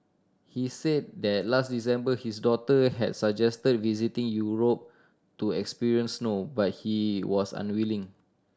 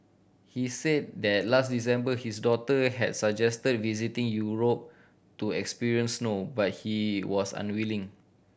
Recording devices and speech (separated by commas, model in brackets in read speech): standing microphone (AKG C214), boundary microphone (BM630), read sentence